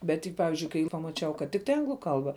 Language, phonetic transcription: Lithuanian, ˈbet tik ˈpavizdžiui kai pamaˈčiau kad ˈtiktai ˈanglu ˈkalba

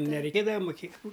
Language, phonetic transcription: Lithuanian, nereiˈkėdava muˈkė

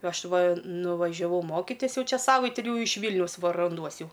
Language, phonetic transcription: Lithuanian, ˈaš ˈva nuvažiaˈvau ˈmokitis ˈjau ˈčia ˈsavaiti ˈjau iš ˈvylniaus ˈva ranˈduos ˈjau

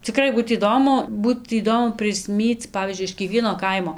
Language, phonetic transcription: Lithuanian, ciˈkrai ˈbūt įˈdomu ˈbūt įˈdomu prisˈmyc ˈpavyzdžiui iš kieˈkvieno ˈkaimo

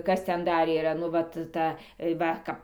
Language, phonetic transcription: Lithuanian, ˈkas ˈten ˈdar yˈra nu ˈvat ˈta ˈva ˈkap

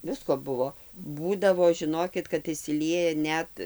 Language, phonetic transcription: Lithuanian, ˈvisko ˈbuvo ˈbūdavo žiˈnokit kad išsiˈlieja ˈnet

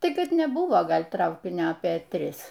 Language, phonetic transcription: Lithuanian, ˈtai ˈkad neˈbuvo ˈgal' ˈtraukinio apė ˈtris

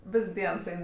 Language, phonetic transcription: Lithuanian, ˈvis ˈdiens ˈein

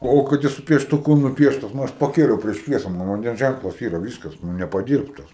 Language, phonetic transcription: Lithuanian, ˈo kad ˈjis su pieštuˈku nuˈpieštas nu ˈaš paˈkėliau prieš ˈšviesa ˈman vanˈdens ˈžænklas ˈyra ˈvyskas nu nepaˈdyrbtas

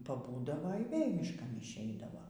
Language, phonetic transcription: Lithuanian, paˈbūdavo y ˈvėl' mišˈkan išˈeidavo

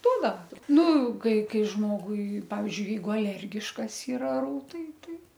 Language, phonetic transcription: Lithuanian, ˈduodava ˈnu ˈkai ˈkai ˈžmogui ˈpavizdžiui ˈjeigu aˈlergiškas iˈra ˈrūtai ˈtai

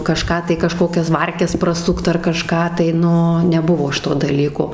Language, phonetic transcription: Lithuanian, kaˈžką tai kaˈžkokias ˈvarkes praˈsukt ar kaˈžką tai ˈnu neˈbuvo ˈšito daˈlyko

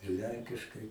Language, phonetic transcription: Lithuanian, ir ˈlenkiškai

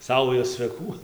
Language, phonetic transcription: Lithuanian, ˈsaujos cveˈkų

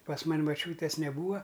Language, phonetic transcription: Lithuanian, pas ˈman' maˈčiūtės neˈbūa

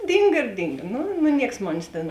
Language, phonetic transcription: Lithuanian, ˈdynga ir ˈdynga ˈnu nu ˈnieks ˈmonės tėn

